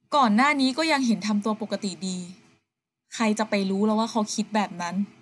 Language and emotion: Thai, neutral